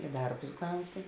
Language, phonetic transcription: Lithuanian, i ˈdarbus ˈgautė

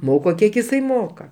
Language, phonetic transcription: Lithuanian, ˈmoko ˈkiek iˈsai ˈmoka

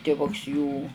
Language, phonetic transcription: Lithuanian, tiˈvuks jų

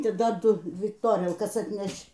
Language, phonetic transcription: Lithuanian, tai ˈdar ˈdu ˈdvi toˈrielkas atˈnešč

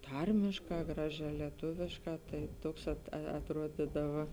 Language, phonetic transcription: Lithuanian, ˈtarmėšˌkā ˈgraˌžiā leˈtuvišˌkā tai ˈtuoks at atˈruodidava

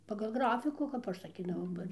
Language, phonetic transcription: Lithuanian, pagal ˈgrafikų kap ˈaš saˈkydavau ˈba

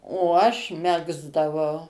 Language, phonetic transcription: Lithuanian, o ˈaš ˈmegzdavau

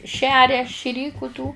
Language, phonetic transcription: Lithuanian, ˈšeria šiˈryku tų

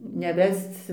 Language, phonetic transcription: Lithuanian, neˈvesc

